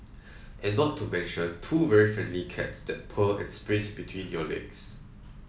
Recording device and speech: mobile phone (iPhone 7), read sentence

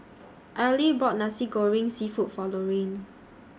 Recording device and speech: standing microphone (AKG C214), read sentence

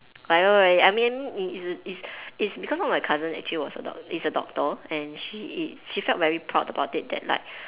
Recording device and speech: telephone, conversation in separate rooms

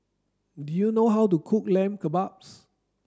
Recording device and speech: standing microphone (AKG C214), read sentence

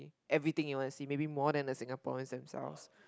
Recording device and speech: close-talking microphone, conversation in the same room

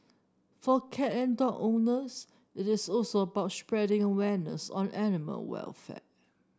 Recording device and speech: standing microphone (AKG C214), read sentence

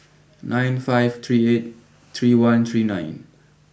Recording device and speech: boundary microphone (BM630), read sentence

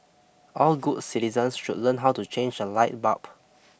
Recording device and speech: boundary microphone (BM630), read sentence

